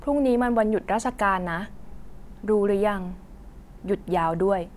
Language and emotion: Thai, neutral